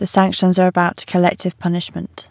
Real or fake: real